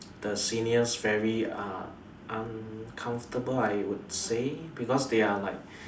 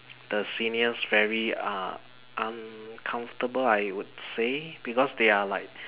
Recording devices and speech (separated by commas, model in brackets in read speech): standing microphone, telephone, conversation in separate rooms